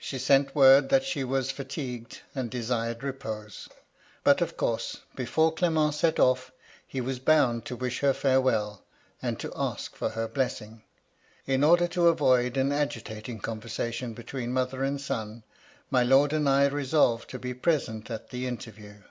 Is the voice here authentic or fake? authentic